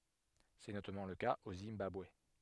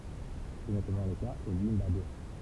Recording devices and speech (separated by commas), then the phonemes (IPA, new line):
headset microphone, temple vibration pickup, read sentence
sɛ notamɑ̃ lə kaz o zimbabwe